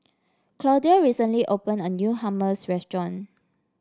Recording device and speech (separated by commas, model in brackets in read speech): standing microphone (AKG C214), read sentence